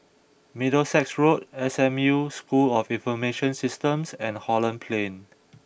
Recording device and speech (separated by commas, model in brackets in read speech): boundary microphone (BM630), read sentence